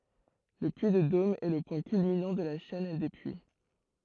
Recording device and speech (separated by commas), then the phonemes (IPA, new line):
throat microphone, read sentence
lə pyi də dom ɛ lə pwɛ̃ kylminɑ̃ də la ʃɛn de pyi